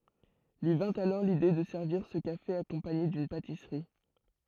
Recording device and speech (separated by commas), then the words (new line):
throat microphone, read sentence
Lui vint alors l'idée de servir ce café accompagné d'une pâtisserie.